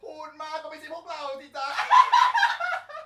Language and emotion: Thai, happy